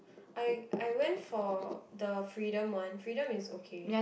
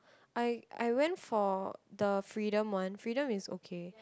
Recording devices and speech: boundary microphone, close-talking microphone, conversation in the same room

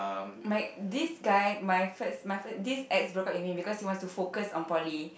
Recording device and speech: boundary microphone, conversation in the same room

